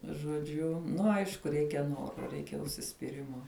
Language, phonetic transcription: Lithuanian, žoˈdžiu ˈnu ˈaišku ˈreikia ˈnoro ˈreikia užsispyˈrimo

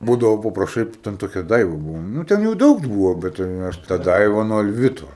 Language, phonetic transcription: Lithuanian, ˈbūdavo papraˈšai ten toˈkia ˈdaiva ˈbūvo ˈnū ten ˈjų ˈdaug ˈbūvo bet tai ˈaš ta ˈdaiva nuo alˈvito

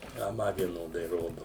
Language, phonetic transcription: Lithuanian, a ˈma vieˈnodai ˈrodu

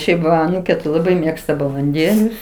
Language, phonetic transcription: Lithuanian, ˈšiaip va aˈnūkė tai laˈbai ˈmėgsta balanˈdėlius

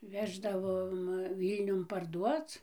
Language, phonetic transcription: Lithuanian, ˈveždavom ˈvylniun parˈduoc

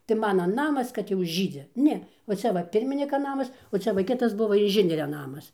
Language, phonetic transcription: Lithuanian, tai ˈmana ˈnamas kad jau ˈžydzi ˈne va ˈcia va ˈpirminika ˈnamas o ˈcia va ˈkitas ˈbuva inˈžinieria ˈnamas

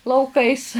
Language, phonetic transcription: Lithuanian, lauˈkais

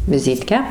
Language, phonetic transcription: Lithuanian, viˈzytkę

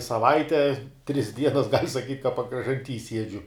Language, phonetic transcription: Lithuanian, saˈvaite tris ˈdienas gal' saˈkyt' ka pakražanˈty ˈsiedžiu

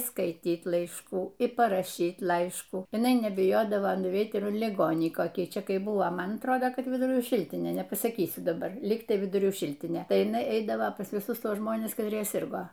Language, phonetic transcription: Lithuanian, skaiˈtyt laišˈkų ir paraˈšyt ˈlaiškų jiˈnai nebiˈjodavo nuˈveit ˈir liˈgonį koˈkį ˈčia ˈkai ˈbuvo ˈman atˈrodo ˈkad viduˈrių ˈšiltinė nepasaˈkysiu daˈbar ˈligtai viduˈrių ˈšiltinė ˈtai jiˈnai ˈeidavo pas viˈsusˈtuos ˈžmones katˈrie ˈsirgo

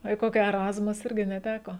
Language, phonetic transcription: Lithuanian, o į ˈkoki eˈrazmus ˈirgi neˈteko

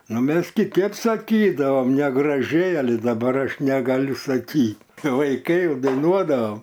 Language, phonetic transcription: Lithuanian, ˈnu ˈmes kiˈtėp saˈkydavam negraˈžiai aˈli daˈbar ˈaš neˈgaliu saˈkyt vaiˈkai daiˈnuodavam

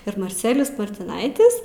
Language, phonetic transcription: Lithuanian, ir marˈcelijus martiˈnaitis

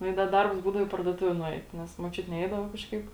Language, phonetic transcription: Lithuanian, nu i ˈda ˈdarbs ˈbūdavo į parduoˈtuvė nuˈeit ˈnes muočiuti ˈneidava kažˈkaip

